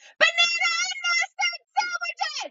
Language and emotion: English, neutral